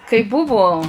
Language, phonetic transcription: Lithuanian, kai ˈbuvo

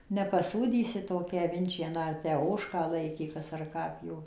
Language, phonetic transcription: Lithuanian, nepaˈsūdysi ˈtokią aˈvinčieną ar ˈtę ˈožką ˈlaikė ˈkas ar ˈką ˈpjovė

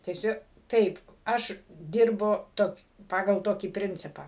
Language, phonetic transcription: Lithuanian, teˈsiu ˈtaip ˈaš ˈdirbu ˈtok' ˈpagal ˈtokį ˈprincipą

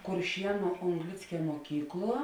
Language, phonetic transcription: Lithuanian, kurˈšienu ongˈlickia muoˈkykˌluo

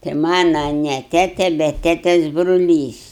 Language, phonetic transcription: Lithuanian, tai ˈmana ne ˈtete bet ˈtetes bruˈlys

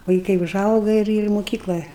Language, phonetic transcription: Lithuanian, vaiˈkai uˈžauga ir ir moˈkyklɘ

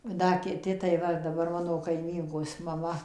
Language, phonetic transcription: Lithuanian, ˈda kiˈti tai ˈva daˈbar ˈmano kaiˈmynkos maˈma

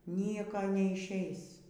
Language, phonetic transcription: Lithuanian, ˈnieko neišˈeis

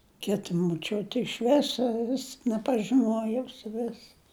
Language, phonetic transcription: Lithuanian, ˈkita moˈčiuti iš ˈviso vis nepažiˈnuojau suˈvis

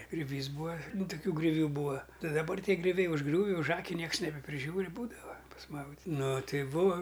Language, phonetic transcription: Lithuanian, griuˈvys ˈbūa ˈnu tuˈkių grioˈvių ˈbūa ˈtai daˈbar ˈtie griuˈviai užˈgriūvi užˈaki ˈnieks nebepriˈžiūri ˈbūdava pasˈmaudit' ˈnuˈ tai ˈbūa

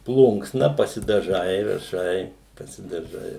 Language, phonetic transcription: Lithuanian, ˈplunksna pasidaˈžai raˈšai pasidaˈžai

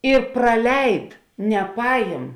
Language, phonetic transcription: Lithuanian, i praˈleid neˈpajim

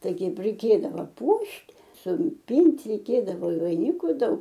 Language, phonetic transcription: Lithuanian, ˈtai ˈkeip reiˈkėdava ˈpuošt' supint' reiˈkėdavo i vaiˈniku ˈdaug

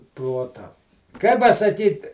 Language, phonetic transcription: Lithuanian, ˈprota kai pasaˈkyt

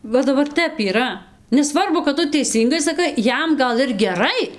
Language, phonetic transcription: Lithuanian, ˈva daˈbar ˈtep yˈra neˈsvarbu kad ˈtu teiˈsyngai saˈkai ˈjam gal ir geˈrai

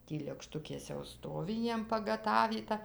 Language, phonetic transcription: Lithuanian, ˈtį lėkˈštukės jau ˈstovi ˈjiem pagaˈtavyta

